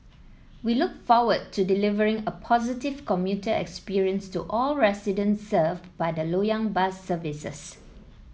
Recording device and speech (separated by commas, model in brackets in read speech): mobile phone (iPhone 7), read sentence